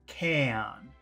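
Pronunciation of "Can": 'Can' is said on its own, with the same vowel as in 'jazz', and the vowel is long.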